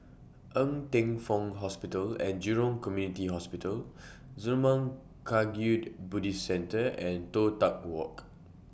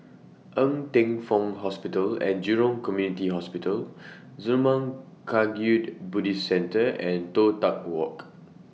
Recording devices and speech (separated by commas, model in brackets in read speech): boundary microphone (BM630), mobile phone (iPhone 6), read sentence